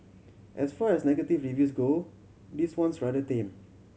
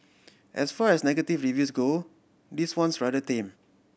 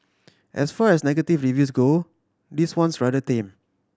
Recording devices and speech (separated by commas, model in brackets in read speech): mobile phone (Samsung C7100), boundary microphone (BM630), standing microphone (AKG C214), read sentence